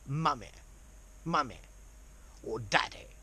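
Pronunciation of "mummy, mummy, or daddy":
'Mummy' and 'daddy' are said in a very posh British accent.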